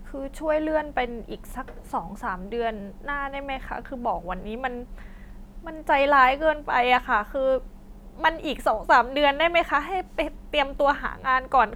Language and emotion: Thai, sad